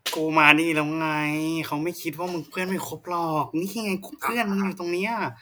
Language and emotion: Thai, frustrated